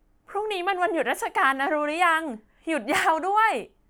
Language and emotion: Thai, happy